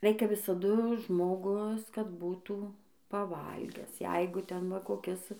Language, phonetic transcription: Lithuanian, ˈreikia visaˈdu žmoˈgus kad ˈbūtų paˈvalgęs ˈjeigu ˈten va koˈkis

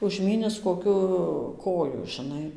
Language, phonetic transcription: Lithuanian, užˈmynis koˈkiu ˈkoju žiˈnai

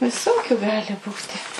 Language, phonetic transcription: Lithuanian, viˈsokiu ˈgali ˈbūti

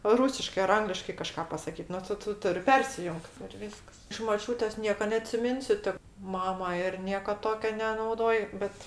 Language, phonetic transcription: Lithuanian, ˈrūsiškɜ ar ˈangliškai kaˈžka pasaˈkyt ˈnu ˈtu ˈtu ˈturi ˈpersijungt ir ˈvyskas iš moˈčiūtės ˈnieka neatsiˈminsiu ti ˈmama ˈir ˈnieka ˈtokio nenauˈdoj ˈbet

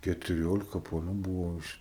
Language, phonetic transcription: Lithuanian, ketuˈriolika paˈnų ˈbūvo iš

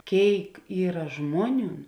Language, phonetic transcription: Lithuanian, ˈkėik ˈyra ˈžmuoˌniūn

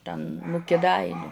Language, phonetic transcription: Lithuanian, ˈten nu kiˈdainiu

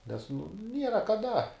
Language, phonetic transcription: Lithuanian, nes nu ˈniera kaˈda

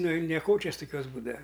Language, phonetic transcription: Lithuanian, ˈnu i neˈkočias tuˈkiuos ˈbūdava

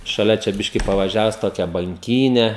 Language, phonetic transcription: Lithuanian, šaˈlia čia ˈbiški pavaˈžiavus ˈtokia banˈkyne

